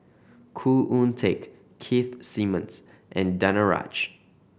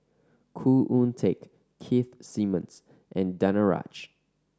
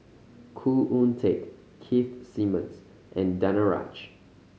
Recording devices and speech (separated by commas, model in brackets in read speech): boundary microphone (BM630), standing microphone (AKG C214), mobile phone (Samsung C5010), read sentence